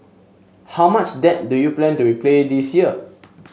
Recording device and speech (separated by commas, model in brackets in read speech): mobile phone (Samsung S8), read sentence